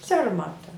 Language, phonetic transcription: Lithuanian, ˈsermata

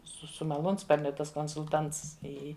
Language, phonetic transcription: Lithuanian, su su maˈlūnsparniu ˈtas konsulˈtants i ˈi

